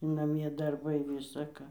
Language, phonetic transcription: Lithuanian, naˈmie darˈbai ˌvisa ˈką

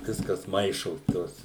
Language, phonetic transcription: Lithuanian, ˈviskas ˈmaišos ˈtos

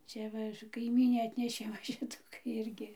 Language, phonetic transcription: Lithuanian, ˈcia va kaiˈmynė ˈatnešė va ˈšitų ˈirgi

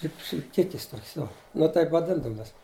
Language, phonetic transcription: Lithuanian, taip šlipˈkikis ˈtokias ˈjo nu ˈtaip vaˈdindavum ˈjas

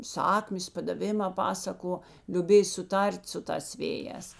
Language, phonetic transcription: Lithuanian, ˈsakmės padaˈvimā ˈpasaˌko liuˈbėj suˈtar't' su ˈtās ˈvėˌjēs

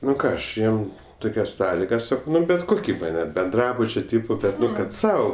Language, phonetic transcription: Lithuanian, ˈnu ˈką ˈaš ˈjiem ˈtukias ˈsąligas ˈsakau ˈman' bet ˈkuki ˈman' ar benˈdrabučio ˈtipo ˈbet ˈnu kad ˈsau

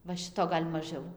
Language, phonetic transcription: Lithuanian, va ˈšito ˈgal' maˈžiau

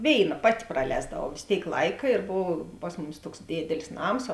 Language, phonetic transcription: Lithuanian, ˈvėiˌna ˈpati praˈlēsdavau vės ˈtėik ˈlaika ir ˈbov ˈpas muˌmis ˈtuoks ˈdėdelis ˈnams

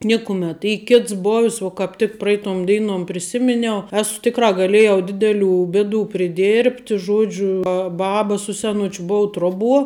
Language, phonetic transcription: Lithuanian, ˈnikumet ˈy ˈkits bov's' vo kap tik ˈpraitom ˈdeinom priˈsiminiau ˈesu ˈtikrā gaˈlėjau ˈdideˌlių ˈbėˌdų priˈdėrbt' ˈžuodžiu ˈbaba su seˈnučiu ˈbuu ˈtruoˌbuo

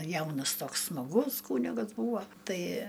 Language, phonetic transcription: Lithuanian, ˈjaunas ˈtoks smaˈgus ˈkūnigas ˈbūvo ˈtai

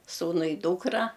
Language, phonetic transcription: Lithuanian, ˈsūnu i ˈdūkra

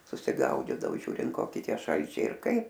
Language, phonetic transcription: Lithuanian, susiˈgaudydao ˈžiūrint ˈkoki ˈtie ˈšalčiai ir ˈkaip

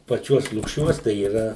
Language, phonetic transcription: Lithuanian, paˈčiuos lukˈšiuos tai yˈra

